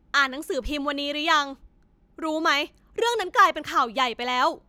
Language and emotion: Thai, angry